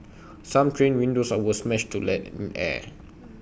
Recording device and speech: boundary microphone (BM630), read sentence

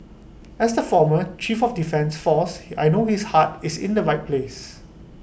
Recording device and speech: boundary microphone (BM630), read sentence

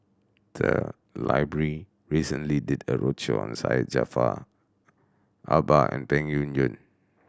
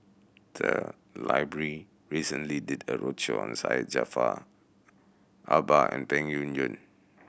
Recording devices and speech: standing microphone (AKG C214), boundary microphone (BM630), read sentence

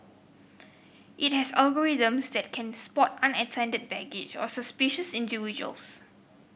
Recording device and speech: boundary microphone (BM630), read sentence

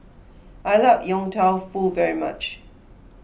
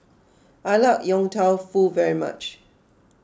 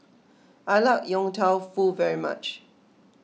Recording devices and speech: boundary microphone (BM630), close-talking microphone (WH20), mobile phone (iPhone 6), read sentence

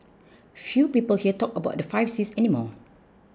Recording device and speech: close-talking microphone (WH20), read sentence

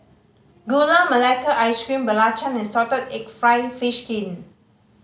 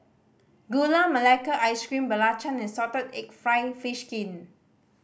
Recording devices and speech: mobile phone (Samsung C5010), boundary microphone (BM630), read sentence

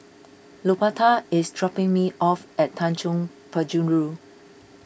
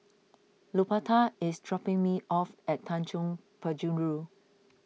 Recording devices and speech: boundary microphone (BM630), mobile phone (iPhone 6), read sentence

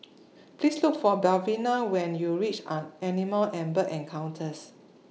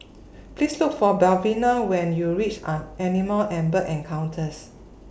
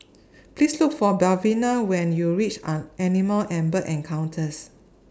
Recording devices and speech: mobile phone (iPhone 6), boundary microphone (BM630), standing microphone (AKG C214), read sentence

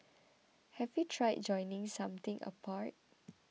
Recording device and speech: mobile phone (iPhone 6), read sentence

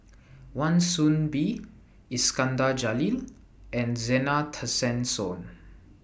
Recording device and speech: boundary microphone (BM630), read sentence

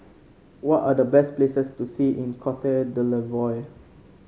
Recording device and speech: mobile phone (Samsung C5), read sentence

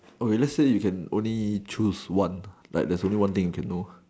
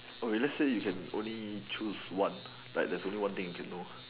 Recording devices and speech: standing microphone, telephone, conversation in separate rooms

